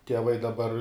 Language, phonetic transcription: Lithuanian, tieˈvai daˈbar

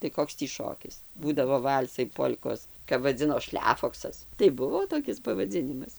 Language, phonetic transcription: Lithuanian, tai ˈkoks tį ˈšokis ˈbūdavo ˈval'sai ˈpol'kos kap vaˈdzino ˈšlefoksas tai ˈbuvo toˈkis pavaˈdzinimas

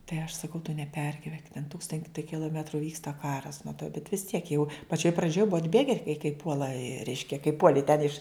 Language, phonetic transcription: Lithuanian, tai aš saˈkau tu neˈpergivenk ten ˈtūkstanti kiloˈmetru ˈvyksta ˈkaras nu tai bet vis ˈtiek jau paˈčioj praˈdžioj ˈbua atˈbėge ka kai ˈpuola ˈreiškia kai ˈpuoli ten iš

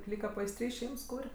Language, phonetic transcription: Lithuanian, ˈlyka paisˈtry ˈšeims ˈkūr'

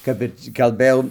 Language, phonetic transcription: Lithuanian, ˈkap ir kalˈbɘjau

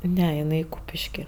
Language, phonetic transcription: Lithuanian, ˈne iˈnai ˈkūpiški

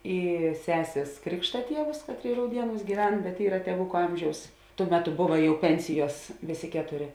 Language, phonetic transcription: Lithuanian, ˈy ˈsesės ˈkrikšta ˈtievus ˈkatˌrėi rauˈdieˌnūs gyˈven bet ˈyra tieˈvuku ˈamžiaus ˈtuo ˈmeˌtu ˈbuva ˈjau ˈpensiˌjuos ˈvėˌsė ˈketoˌrė

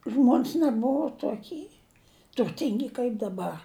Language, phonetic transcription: Lithuanian, ˈžmon's neˈbuvo toˈky turˈtingi kaip daˈbar

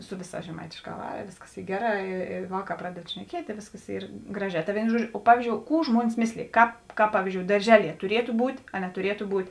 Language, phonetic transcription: Lithuanian, ˈsu ˈviˌsās žeˈmaitėšˌkā ˈvara ˈvėsˌkas ˈy ˈgeˌrā i i ˈvaˌkā ˈpraded šneˈkiet' i ˈvėsˌkas ˈyr ˈgraˌžē ˈta ˈvėino ˈžuoˌdžio ˈpavyzˌdžiou ˈkų ˈžmuonis ˈmėslėj ˈkāp ˈkāp ˈpavyzˌdžiou darˈžeˌlie tuˈrietu ˈbūt' a netuˈrietu ˈbūt'

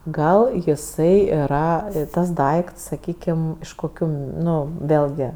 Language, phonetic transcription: Lithuanian, ˈgal jiˈsai yˈra ˈtas ˈdaikts saˈkykim iš koˈkių ˈnu ˈvėlgi

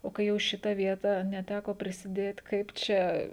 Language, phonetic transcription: Lithuanian, o kai ˈjau ˈšita ˈvieta neˈtæko prisiˈdėt ˈkaip čia

